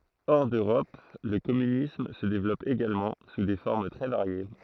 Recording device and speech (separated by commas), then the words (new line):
throat microphone, read sentence
Hors d'Europe, le communisme se développe également, sous des formes très variées.